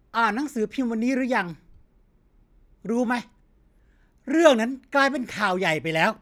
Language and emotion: Thai, frustrated